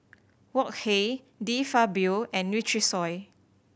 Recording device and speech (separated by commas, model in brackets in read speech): boundary microphone (BM630), read sentence